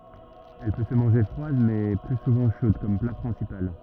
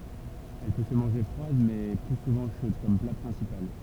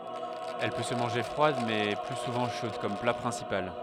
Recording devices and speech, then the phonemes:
rigid in-ear microphone, temple vibration pickup, headset microphone, read sentence
ɛl pø sə mɑ̃ʒe fʁwad mɛ ply suvɑ̃ ʃod kɔm pla pʁɛ̃sipal

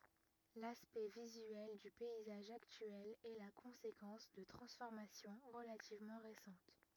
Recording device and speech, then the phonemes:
rigid in-ear microphone, read sentence
laspɛkt vizyɛl dy pɛizaʒ aktyɛl ɛ la kɔ̃sekɑ̃s də tʁɑ̃sfɔʁmasjɔ̃ ʁəlativmɑ̃ ʁesɑ̃t

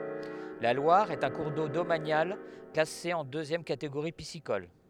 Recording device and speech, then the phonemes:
headset microphone, read sentence
la lwaʁ ɛt œ̃ kuʁ do domanjal klase ɑ̃ døzjɛm kateɡoʁi pisikɔl

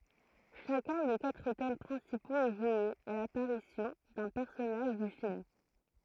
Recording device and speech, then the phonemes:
throat microphone, read sentence
ʃakœ̃ de katʁ tɛm pʁɛ̃sipoz ɛ ʒwe a lapaʁisjɔ̃ dœ̃ pɛʁsɔnaʒ dy film

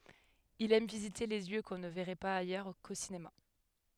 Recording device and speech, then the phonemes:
headset microphone, read sentence
il ɛm vizite de ljø kɔ̃ nə vɛʁɛ paz ajœʁ ko sinema

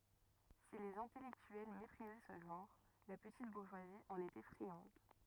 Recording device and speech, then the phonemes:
rigid in-ear microphone, read sentence
si lez ɛ̃tɛlɛktyɛl mepʁizɛ sə ʒɑ̃ʁ la pətit buʁʒwazi ɑ̃n etɛ fʁiɑ̃d

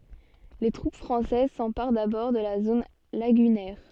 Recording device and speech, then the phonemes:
soft in-ear microphone, read sentence
le tʁup fʁɑ̃sɛz sɑ̃paʁ dabɔʁ də la zon laɡynɛʁ

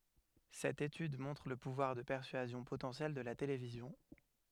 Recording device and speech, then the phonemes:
headset microphone, read sentence
sɛt etyd mɔ̃tʁ lə puvwaʁ də pɛʁsyazjɔ̃ potɑ̃sjɛl də la televizjɔ̃

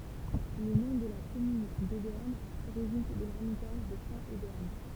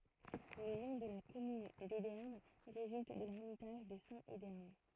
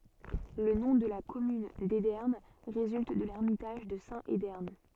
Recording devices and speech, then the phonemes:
temple vibration pickup, throat microphone, soft in-ear microphone, read sentence
lə nɔ̃ də la kɔmyn dedɛʁn ʁezylt də lɛʁmitaʒ də sɛ̃t edɛʁn

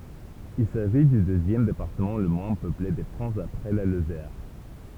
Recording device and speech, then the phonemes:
temple vibration pickup, read sentence
il saʒi dy døzjɛm depaʁtəmɑ̃ lə mwɛ̃ pøple də fʁɑ̃s apʁɛ la lozɛʁ

